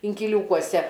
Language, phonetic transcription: Lithuanian, inkiˈliūkuose

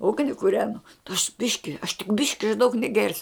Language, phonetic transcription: Lithuanian, ˈugni kuˈrenu aš ˈbiški aš tik ˈbiški aš daug neˈgersiu

